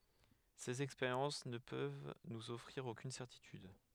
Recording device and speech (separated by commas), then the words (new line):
headset microphone, read sentence
Ces expériences ne peuvent nous offrir aucune certitude.